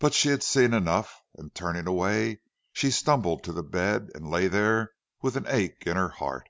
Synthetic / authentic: authentic